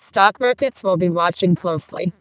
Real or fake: fake